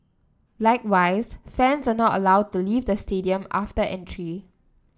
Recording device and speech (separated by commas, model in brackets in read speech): standing microphone (AKG C214), read sentence